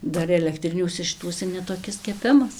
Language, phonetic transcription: Lithuanian, ˈdar elekˈtriniuose šiˈtuose netoˈkis keˈpimas

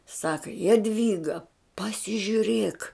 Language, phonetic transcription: Lithuanian, ˈsaka jaˈdvyga pasižiuˈrėk

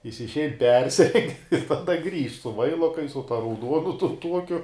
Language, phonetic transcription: Lithuanian, ˈjis išˈein ˈpersireng' ir taˈda ˈgrįžt su ˈvailokais su ˈta rauˈduonu ˈtun ˈtuokiu

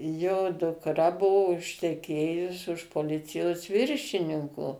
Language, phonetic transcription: Lithuanian, jo dukˈra ˈbuo užteˈkėjus už poˈlicijos ˈviršininko

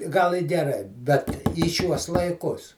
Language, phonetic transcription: Lithuanian, ˈgal i geˈrai bet į ˈšiuos laiˈkus

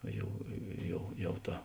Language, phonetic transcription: Lithuanian, ˈjau ˈjau ˈjau ˈta

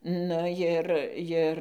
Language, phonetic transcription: Lithuanian, nu ˈjir ˈjir

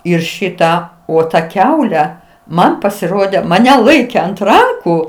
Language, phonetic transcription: Lithuanian, ˈir ˈšitą o ta ˈkiaule ˈman pasiˈrode maˈne ˈlaike ant ˈrankų

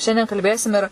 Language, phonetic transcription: Lithuanian, ˈšiandien kalˈbėsim ir

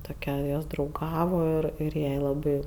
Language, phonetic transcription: Lithuanian, toˈkia ˈjos drauˈgavo ˈir ir ˈjai laˈbai

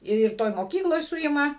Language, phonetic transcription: Lithuanian, ir ˈtoj moˈkykloj ˈsuima

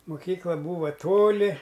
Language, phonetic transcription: Lithuanian, muˈkykla ˈbūva ˈtoli

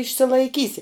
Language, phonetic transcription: Lithuanian, išsilaiˈkysi

